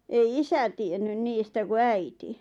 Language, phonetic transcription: Finnish, ei "isä tiennyn 'niistä ku "äiti .
- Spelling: ei isä tiennyt niistä kun äiti

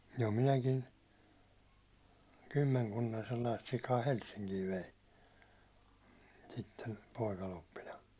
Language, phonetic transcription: Finnish, jo 'minäkin̬ , "kymmeŋ'kunnan̬ sellaist sikaa "Helssiŋkii vein , sitten̬ , 'pòikaloppina .
- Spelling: jo minäkin kymmenkunnan sellaista sikaa Helsinkiin vein sitten poikaloppina

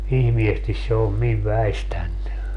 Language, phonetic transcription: Finnish, 'ihmiestis se om 'miv "väistänny .
- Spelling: ihmeesti se on minun väistänyt

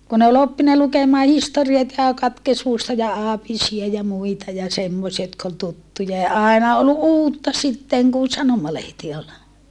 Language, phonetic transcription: Finnish, kun ‿ol oppina lukemaa historiat ja katkesmusta ja aapisia ja muita ja semmosia jotk ‿ol tuttuja ja àena ol uutta sitteŋ kun̬ sanomalehti ol .
- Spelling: kun oli oppinut lukemaan historiat ja katekismusta ja aapisia ja muita ja semmoisia jotka oli tuttuja ja aina oli uutta sitten kun sanomalehti oli

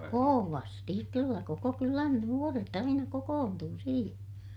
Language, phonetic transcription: Finnish, kovasti , kyllä koko kylän nuoret ‿aina kokoontuu siihen .
- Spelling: kovasti kyllä koko kylän nuoret aina kokoontui siihen

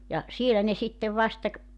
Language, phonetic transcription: Finnish, ja , 'sielä ne 'sittev 'vasta ‿k ,.
- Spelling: ja siellä ne sitten vasta -

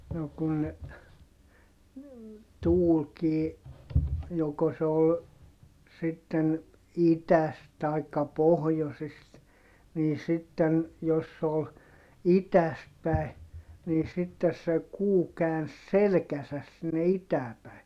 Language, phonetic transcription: Finnish, no kun ne , tuulkii , joko se ol , sitten , itäst taikka pohjosist , nii sitten , jos se ol , itäst päi̮ , nii sittes se kuu kääns selᵉkäsäs sinne itää päi̮ .
- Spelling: no kun ne tuulikin joko se oli sitten idästä tai pohjoisesta niin sitten jos se oli idästä päin niin sitten se kuu käänsi selkänsä sinne itään päin

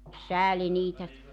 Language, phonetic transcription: Finnish, "sääli 'niitä ,.
- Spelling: sääli niitä

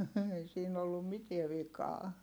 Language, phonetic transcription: Finnish, ei siin ‿ollum mietiɛ vikaa .
- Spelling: ei siinä ollut mitään vikaa

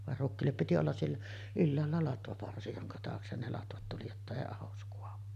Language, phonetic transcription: Finnish, var 'rukkiillep piti ollas siellä , 'ylläällä 'latvaparsi joŋka 'taaksen ne latvat tuli jotta 'èi "ahos kuavu .
- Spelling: vaan rukiille piti olla siellä ylhäällä latvaparsi jonka taakse ne latvat tuli jotta ei ahdos kaadu

